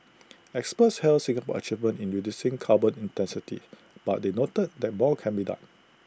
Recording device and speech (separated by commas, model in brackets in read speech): close-talking microphone (WH20), read sentence